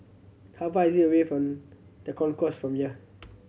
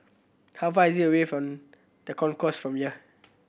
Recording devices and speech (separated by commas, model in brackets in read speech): mobile phone (Samsung C7100), boundary microphone (BM630), read sentence